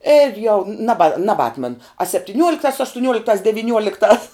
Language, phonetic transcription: Lithuanian, ir jau naˈba nabˈatman a septiˈniuoliktās aštuˈniuoliktās deviˈniuoliktās

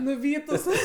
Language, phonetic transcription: Lithuanian, nuˈvytus

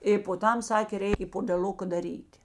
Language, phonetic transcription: Lithuanian, i po ˈtam ˈsakė ˈreik i podeˈluka daˈryt'

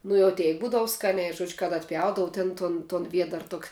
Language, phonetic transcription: Lithuanian, ˈnu jau ˈteik ˈbūdavu ˈskaniai ˈžuodžiu kad atˈpjaudavu ten ˈton ton ˈviedar ˈtok'

